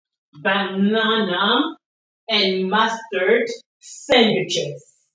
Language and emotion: English, angry